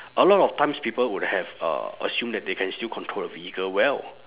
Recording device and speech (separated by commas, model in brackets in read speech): telephone, conversation in separate rooms